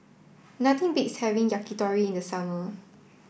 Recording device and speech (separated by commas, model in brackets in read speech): boundary microphone (BM630), read sentence